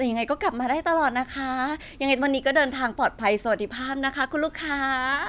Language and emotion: Thai, happy